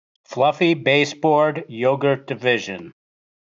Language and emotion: English, neutral